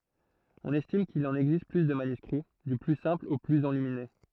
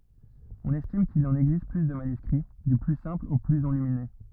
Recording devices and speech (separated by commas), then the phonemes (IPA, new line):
throat microphone, rigid in-ear microphone, read sentence
ɔ̃n ɛstim kil ɑ̃n ɛɡzist ply də manyskʁi dy ply sɛ̃pl o plyz ɑ̃lymine